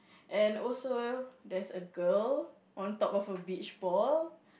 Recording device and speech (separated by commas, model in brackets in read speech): boundary microphone, conversation in the same room